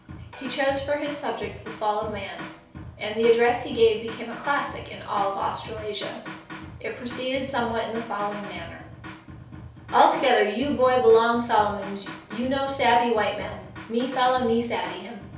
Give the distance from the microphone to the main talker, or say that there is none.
3.0 m.